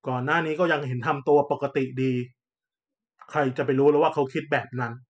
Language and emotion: Thai, frustrated